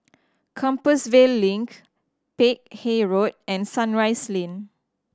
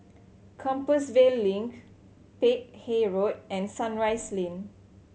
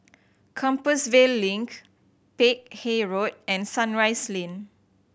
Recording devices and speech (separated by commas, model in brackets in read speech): standing microphone (AKG C214), mobile phone (Samsung C7100), boundary microphone (BM630), read sentence